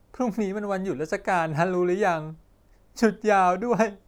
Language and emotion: Thai, sad